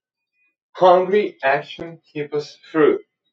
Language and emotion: English, happy